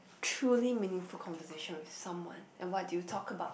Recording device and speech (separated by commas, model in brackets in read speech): boundary microphone, conversation in the same room